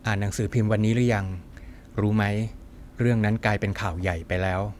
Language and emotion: Thai, neutral